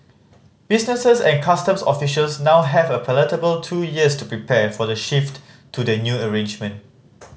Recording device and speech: mobile phone (Samsung C5010), read sentence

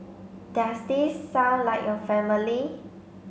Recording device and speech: mobile phone (Samsung C5), read sentence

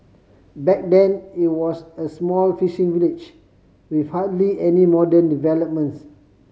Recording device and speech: mobile phone (Samsung C5010), read sentence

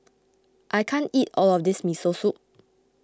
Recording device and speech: close-talking microphone (WH20), read sentence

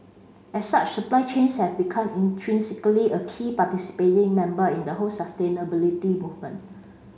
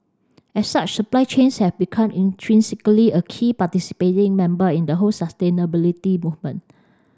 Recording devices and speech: mobile phone (Samsung C5), standing microphone (AKG C214), read sentence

